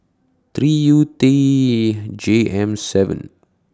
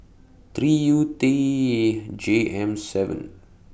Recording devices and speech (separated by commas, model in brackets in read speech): standing microphone (AKG C214), boundary microphone (BM630), read sentence